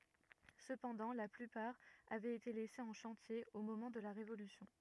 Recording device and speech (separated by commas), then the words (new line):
rigid in-ear microphone, read sentence
Cependant la plupart avait été laissées en chantier au moment de la Révolution.